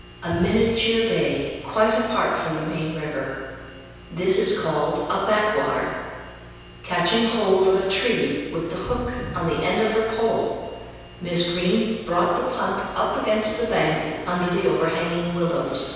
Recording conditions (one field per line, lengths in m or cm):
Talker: one person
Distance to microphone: 7.1 m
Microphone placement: far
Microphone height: 1.7 m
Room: very reverberant, large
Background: none